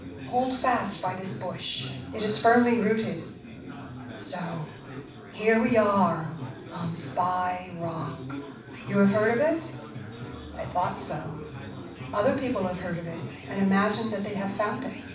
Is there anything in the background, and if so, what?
Crowd babble.